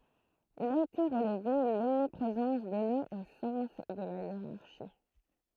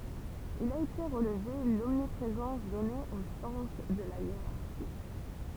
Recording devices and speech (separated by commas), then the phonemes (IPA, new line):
throat microphone, temple vibration pickup, read sentence
il a ete ʁəlve lɔmnipʁezɑ̃s dɔne o sɑ̃s də la jeʁaʁʃi